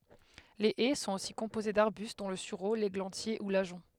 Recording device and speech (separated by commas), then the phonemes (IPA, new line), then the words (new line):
headset microphone, read sentence
le ɛ sɔ̃t osi kɔ̃poze daʁbyst dɔ̃ lə syʁo leɡlɑ̃tje u laʒɔ̃
Les haies sont aussi composées d’arbustes dont le sureau, l’églantier ou l’ajonc.